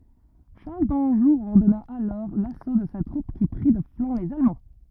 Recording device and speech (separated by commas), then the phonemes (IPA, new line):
rigid in-ear microphone, read sentence
ʃaʁl dɑ̃ʒu ɔʁdɔna alɔʁ laso də sa tʁup ki pʁi də flɑ̃ lez almɑ̃